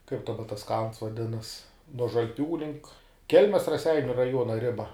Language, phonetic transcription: Lithuanian, kaip daˈba tas kalns vaˈdinas nuo žalˈpių link ˈkelmes raˈseiniu raˈjuona ˈriba

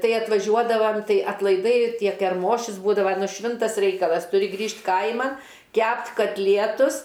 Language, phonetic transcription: Lithuanian, ˈtai atvaˈžiuodavam ˈtai atlaiˈdai ˈtie kerˈmošius ˈbūdava nu ˈšvintas ˈreikalas tuˈri ˈgrįžt' ˈkaima ˈkæpt' katˈlietus

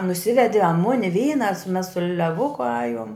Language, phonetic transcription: Lithuanian, nuˈsivedi a ˈmuni ˈvyna a su mes su leˈvuku ˈajuom

